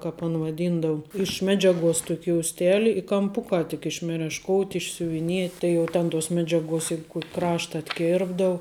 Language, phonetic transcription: Lithuanian, ˈkāp an vaˈdyndau iš ˈmedžiaˌguos ˈtuok' jousˈteli i kamˈpukā tik iš merešˈkout' išsiuviˈniet' ˈtai jau ˈten tuos ˈmedžiaˌguos ˈjeig ˈkuok' ˈkrašta atˈkerpdau

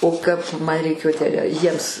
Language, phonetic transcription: Lithuanian, o ˈkap ˈman reiˈkėjo tę jiems

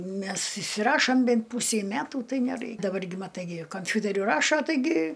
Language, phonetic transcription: Lithuanian, ˈmes išsiˈrašom ˈbent ˈpūsei ˈmætų ˈtai neˈrai daˈbar gi maˈtai gi kamˈfiuteriu ˈrašo taiˈgi

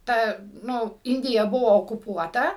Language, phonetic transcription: Lithuanian, ˈta ˈnu ˈindija ˈbuvo okuˈpuota

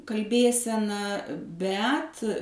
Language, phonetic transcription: Lithuanian, kalˈbėsena ˈbet

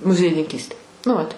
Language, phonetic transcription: Lithuanian, muziejininˈkystė nu ˈvat

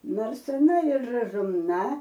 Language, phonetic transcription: Lithuanian, ˈnors aˈna ir razumˈna

